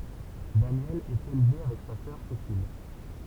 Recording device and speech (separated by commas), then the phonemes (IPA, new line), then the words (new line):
temple vibration pickup, read sentence
danjɛl ɛt elve avɛk sa sœʁ sesil
Danielle est élevée avec sa sœur Cécile.